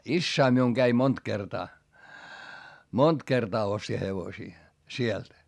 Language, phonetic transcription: Finnish, issäi miuŋ Gäi mont kertaa , mont kertaa osti hevosii , sielt .
- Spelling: isäni minun kävi monta kertaa monta kertaa osti hevosia sieltä

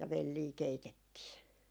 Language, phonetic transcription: Finnish, ja "vellii 'keitettii .
- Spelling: ja velliä keitettiin

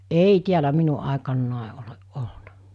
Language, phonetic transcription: Finnish, èi tiälä 'minu ’àekannàe oleˀ 'ˀolnᴀ .
- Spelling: ei täällä minun aikanani ole ollut

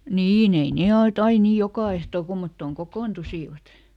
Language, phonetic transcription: Finnish, "niiˈn ‿ei ˈne (ol"t) ‿ai ˈnii ˈjokà ehto ˈkummottòŋ ˈkokoontusivat .
- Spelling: niin ei ne ollut aina niin joka ehtoo kummottoon kokoontuivat

